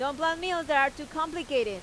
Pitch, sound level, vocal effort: 295 Hz, 96 dB SPL, very loud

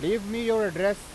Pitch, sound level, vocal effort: 210 Hz, 98 dB SPL, loud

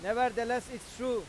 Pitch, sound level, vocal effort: 245 Hz, 99 dB SPL, very loud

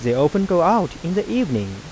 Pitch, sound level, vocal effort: 170 Hz, 89 dB SPL, soft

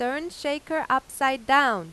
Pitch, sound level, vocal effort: 270 Hz, 94 dB SPL, loud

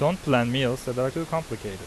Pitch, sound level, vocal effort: 130 Hz, 87 dB SPL, normal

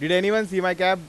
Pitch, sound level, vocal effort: 185 Hz, 98 dB SPL, loud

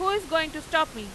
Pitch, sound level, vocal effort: 320 Hz, 98 dB SPL, loud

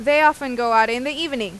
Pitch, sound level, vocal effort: 270 Hz, 94 dB SPL, loud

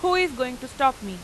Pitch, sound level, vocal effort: 260 Hz, 95 dB SPL, very loud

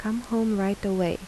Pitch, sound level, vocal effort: 210 Hz, 80 dB SPL, soft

